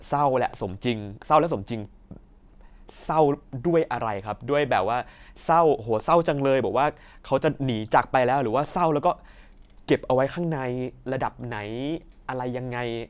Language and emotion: Thai, neutral